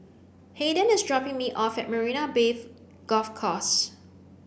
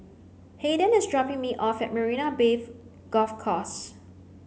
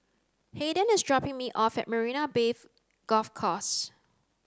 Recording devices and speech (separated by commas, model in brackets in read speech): boundary microphone (BM630), mobile phone (Samsung C9), close-talking microphone (WH30), read sentence